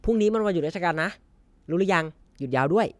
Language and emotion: Thai, happy